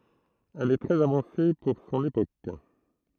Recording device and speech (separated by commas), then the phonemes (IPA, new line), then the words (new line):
throat microphone, read sentence
ɛl ɛ tʁɛz avɑ̃se puʁ sɔ̃n epok
Elle est très avancée pour son époque.